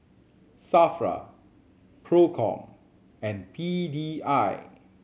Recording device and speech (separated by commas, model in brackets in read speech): mobile phone (Samsung C7100), read sentence